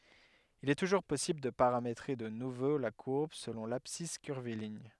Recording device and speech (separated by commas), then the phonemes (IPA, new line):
headset microphone, read sentence
il ɛ tuʒuʁ pɔsibl də paʁametʁe də nuvo la kuʁb səlɔ̃ labsis kyʁviliɲ